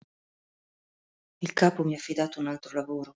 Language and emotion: Italian, sad